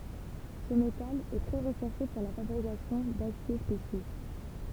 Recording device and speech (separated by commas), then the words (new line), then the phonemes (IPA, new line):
temple vibration pickup, read sentence
Ce métal est très recherché pour la fabrication d'aciers spéciaux.
sə metal ɛ tʁɛ ʁəʃɛʁʃe puʁ la fabʁikasjɔ̃ dasje spesjo